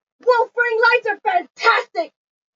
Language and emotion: English, disgusted